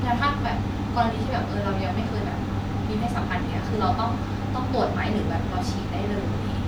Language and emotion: Thai, neutral